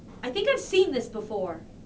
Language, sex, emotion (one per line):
English
female
disgusted